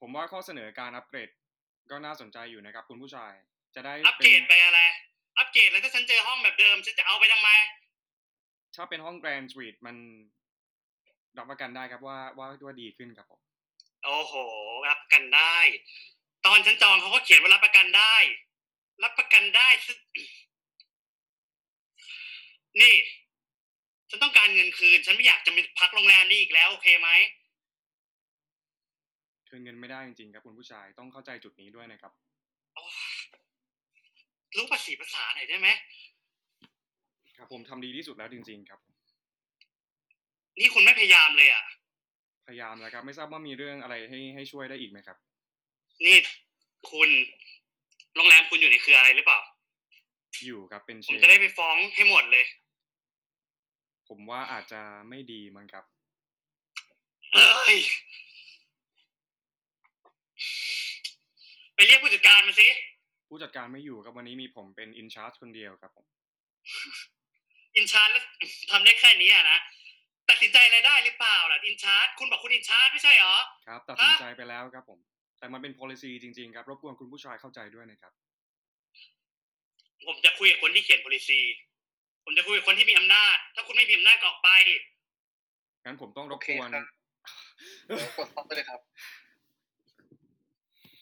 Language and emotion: Thai, angry